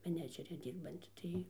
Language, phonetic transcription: Lithuanian, meˈnedžeri ˈdyrbanti ˈtai

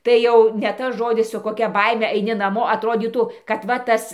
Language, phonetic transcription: Lithuanian, tai ˈjau ne ˈtas ˈžodis su koˈkia ˈbaime aiˈni naˈmo atˈrodytų kad ˈva ˈtas

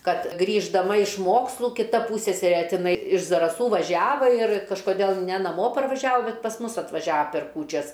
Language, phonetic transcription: Lithuanian, ˈkad grįždaˈma iš ˈmokslu kiˈta ˈpūsseserė tiˈnai iš zaraˈsų vaˈžiava ir kažkoˈdėl ne naˈmo parvaˈžiavo ˈbet pas ˈmus atvaˈžiava per ˈkūčias

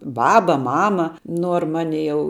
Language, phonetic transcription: Lithuanian, ˈbaba ˈmama ˈnuor ˈmani jau

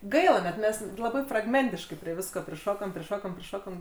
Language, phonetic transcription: Lithuanian, ˈgaila net ˈmes laˈbai fragˈmentiškai prie ˈvisko priˈšokom priˈšokom priˈšokom

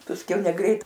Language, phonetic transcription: Lithuanian, pasˈkiau neˈgreit

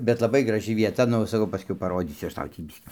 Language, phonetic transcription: Lithuanian, bet laˈbai graˈži vieˈta ˈnu saˈkau paˈrodysiu ˈaš ˈtau tį ˈbiskį

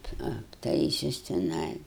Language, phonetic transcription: Lithuanian, apˈtaisius tiˈnai

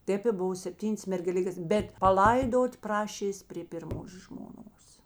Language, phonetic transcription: Lithuanian, ˈtėp i ˈbuva sepˈtynės mergeˈlikės ˈbet paˈlaidot' ˈprašės' prė pirˈmos žmoˈnos

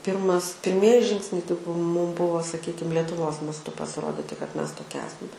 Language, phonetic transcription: Lithuanian, ˈpyrmas pirˈmieji ˈžingsniai tai ˈmūm ˈbuvo saˈkykim letuˈvos masˈtu pasiˈroditi kad ˈmes toˈkie ˈesam

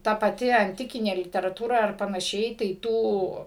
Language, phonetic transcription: Lithuanian, ˈta paˈti anˈtikinė literaˈtūra ar panaˈšiai tai ˈtų

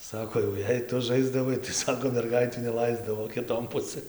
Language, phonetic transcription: Lithuanian, ˈsako jau ˈjei ˈtu ˈžaisdavai tai ˈsako merˈgaitių neˈlaisdavo kiˈton ˈpusɘn

